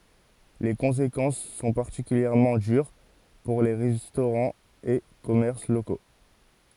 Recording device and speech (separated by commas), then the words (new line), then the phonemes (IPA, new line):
forehead accelerometer, read sentence
Les conséquences sont particulièrement dures pour les restaurants et commerces locaux.
le kɔ̃sekɑ̃s sɔ̃ paʁtikyljɛʁmɑ̃ dyʁ puʁ le ʁɛstoʁɑ̃z e kɔmɛʁs loko